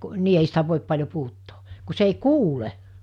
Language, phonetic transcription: Finnish, 'nii ei sitä 'vòip 'paĺjo 'puhuttoo , ku se ei "kuule .
- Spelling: niin ei sitä voi paljon puhuttaa kun se ei kuule

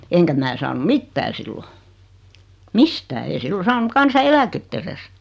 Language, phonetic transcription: Finnish, 'eŋkä mää saanu "mittää sillo , "mistää ei 'sillo 'saanu 'kansa₍"eläkett ‿eres .
- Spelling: enkä minä saanut mitään silloin mistään ei silloin saanut kansaneläkettä edes

